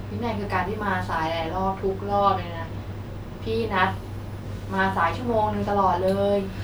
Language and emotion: Thai, frustrated